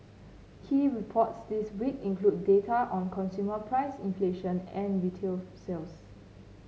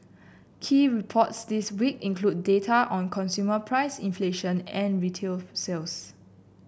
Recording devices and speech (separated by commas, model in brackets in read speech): mobile phone (Samsung C9), boundary microphone (BM630), read sentence